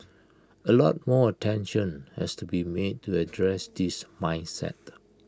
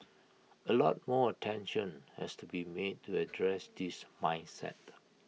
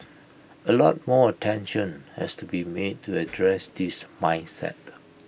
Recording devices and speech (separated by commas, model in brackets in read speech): close-talking microphone (WH20), mobile phone (iPhone 6), boundary microphone (BM630), read sentence